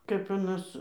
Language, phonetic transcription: Lithuanian, kap aˈnas

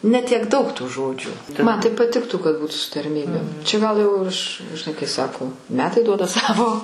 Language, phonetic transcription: Lithuanian, ne tiek ˈdaug tų ˈžodžių man tai paˈtiktų kad ˈbūtu su tarˈmybėm čia ˈgal jau ˈaš žiˈnai kai ˈsako ˈmetai ˈduoda ˈsavo

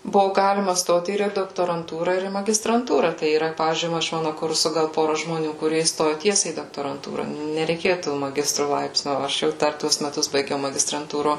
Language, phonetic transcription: Lithuanian, ˈbuvo ˈgalima ˈstot ir į doktoranˈtūra ir į magistrantūra ˈtai yˈra ˈpavyzdžiui ˈva iš ˈmanu ˈkursu ˈgal ˈpora žmoˈnių kuˈrie įsˈtoju ˈtiesiai į doktoranˈtūra nereiˈkėju to maˈgistru ˈlaipsniu o ˈaš jau ˈdar ˈtuos meˈtus baiˈgiau magistranˈtūro

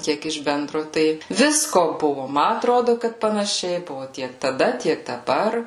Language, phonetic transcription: Lithuanian, ˈkiek iš ˈbendro ˈtai ˈvisko ˈbuvu ˈma atˈrodu kad panaˈšiai ˈbuvu ˈtiek taˈda ˈtiek daˈbar

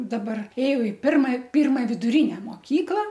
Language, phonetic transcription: Lithuanian, daˈbar ˈėjau i ˈpirma ˈpirma viduˈrine moˈkykla

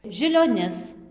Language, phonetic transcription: Lithuanian, žilioˈnis

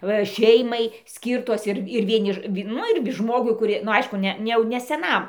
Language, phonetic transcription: Lithuanian, ˈva ˈšeimai ˈskyrtos ir ir vieˈni ˈvi ˈnu ir ˈžmogui kuˈri nu ˈaišku ˈne ne ˈjau ne seˈnam

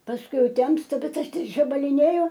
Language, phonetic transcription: Lithuanian, pasˈkui ˈjau ˈtemsta ˈbet ˈaš ˈtik žabaliˈnėju

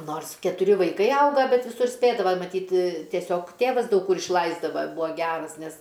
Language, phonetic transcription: Lithuanian, ˈnors ketuˈri vaiˈkai ˈauga ˈbet viˈsur ˈspėdava maˈtyt tieˈsiog ˈtėvas daug ˈkur išˈlaisdava ˈbuo ˈgeras ˈnes

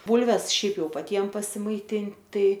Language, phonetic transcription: Lithuanian, ˈbulves ˈšiaip ˈjau paˈtiem pasimaiˈtint ˈtai

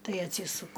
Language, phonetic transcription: Lithuanian, ˈtai atˈsysuku

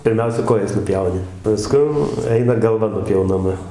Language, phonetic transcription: Lithuanian, pirˈmiausia ˈkojas nuˈpjauni paˈskun ˈeina galˈva nupjaunaˈma

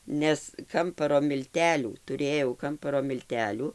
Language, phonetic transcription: Lithuanian, ˈnes ˈkamparo milˈtelių tuˈrėjau ˈkamparo milˈtelių

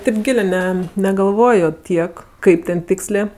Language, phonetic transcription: Lithuanian, ˈtip ˈgilė ˈne negalˈvojo ˈtiek ˈkaip ten ˈtikslė

